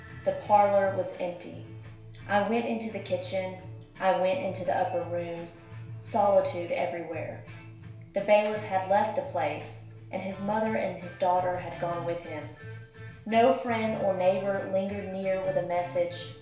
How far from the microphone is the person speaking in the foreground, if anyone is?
1.0 m.